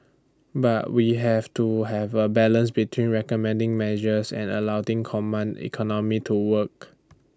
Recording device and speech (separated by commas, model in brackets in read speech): standing microphone (AKG C214), read sentence